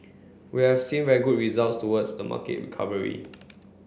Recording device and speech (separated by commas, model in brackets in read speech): boundary microphone (BM630), read sentence